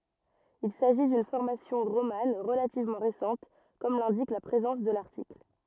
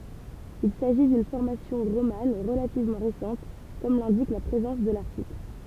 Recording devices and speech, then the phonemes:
rigid in-ear microphone, temple vibration pickup, read sentence
il saʒi dyn fɔʁmasjɔ̃ ʁoman ʁəlativmɑ̃ ʁesɑ̃t kɔm lɛ̃dik la pʁezɑ̃s də laʁtikl

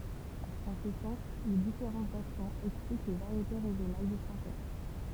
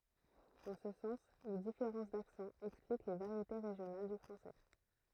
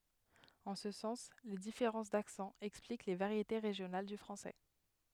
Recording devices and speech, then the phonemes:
temple vibration pickup, throat microphone, headset microphone, read sentence
ɑ̃ sə sɑ̃s le difeʁɑ̃s daksɑ̃z ɛksplik le vaʁjete ʁeʒjonal dy fʁɑ̃sɛ

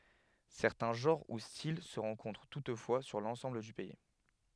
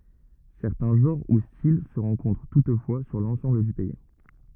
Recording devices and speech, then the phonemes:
headset microphone, rigid in-ear microphone, read sentence
sɛʁtɛ̃ ʒɑ̃ʁ u stil sə ʁɑ̃kɔ̃tʁ tutfwa syʁ lɑ̃sɑ̃bl dy pɛi

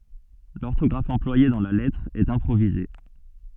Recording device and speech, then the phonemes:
soft in-ear microphone, read sentence
lɔʁtɔɡʁaf ɑ̃plwaje dɑ̃ la lɛtʁ ɛt ɛ̃pʁovize

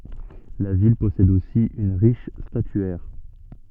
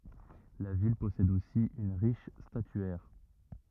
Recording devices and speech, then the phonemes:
soft in-ear microphone, rigid in-ear microphone, read sentence
la vil pɔsɛd osi yn ʁiʃ statyɛʁ

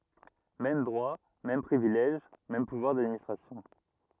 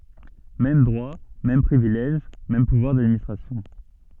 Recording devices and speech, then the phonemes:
rigid in-ear microphone, soft in-ear microphone, read sentence
mɛm dʁwa mɛm pʁivilɛʒ mɛm puvwaʁ dadministʁasjɔ̃

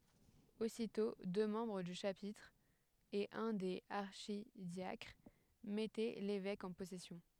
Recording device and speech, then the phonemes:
headset microphone, read sentence
ositɔ̃ dø mɑ̃bʁ dy ʃapitʁ e œ̃ dez aʁʃidjakʁ mɛtɛ levɛk ɑ̃ pɔsɛsjɔ̃

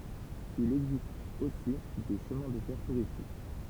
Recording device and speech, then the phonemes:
temple vibration pickup, read sentence
il ɛɡzist osi de ʃəmɛ̃ də fɛʁ tuʁistik

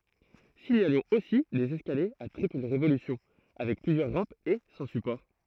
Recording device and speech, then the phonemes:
throat microphone, read sentence
siɲalɔ̃z osi dez ɛskaljez a tʁipl ʁevolysjɔ̃ avɛk plyzjœʁ ʁɑ̃pz e sɑ̃ sypɔʁ

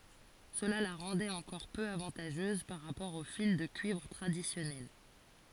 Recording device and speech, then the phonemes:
forehead accelerometer, read sentence
səla la ʁɑ̃dɛt ɑ̃kɔʁ pø avɑ̃taʒøz paʁ ʁapɔʁ o fil də kyivʁ tʁadisjɔnɛl

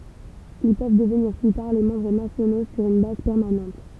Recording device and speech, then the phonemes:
temple vibration pickup, read sentence
il pøv dəvniʁ ply taʁ le mɑ̃bʁ nasjono syʁ yn baz pɛʁmanɑ̃t

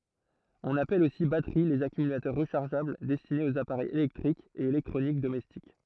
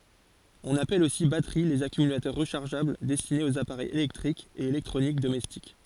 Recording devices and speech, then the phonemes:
throat microphone, forehead accelerometer, read sentence
ɔ̃n apɛl osi batəʁi lez akymylatœʁ ʁəʃaʁʒabl dɛstinez oz apaʁɛjz elɛktʁikz e elɛktʁonik domɛstik

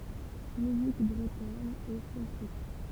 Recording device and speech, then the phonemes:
temple vibration pickup, read sentence
myzik bʁətɔn e sɛltik

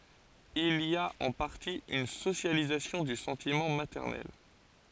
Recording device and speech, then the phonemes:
forehead accelerometer, read sentence
il i a ɑ̃ paʁti yn sosjalizasjɔ̃ dy sɑ̃timɑ̃ matɛʁnɛl

